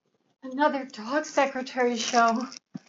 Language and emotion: English, fearful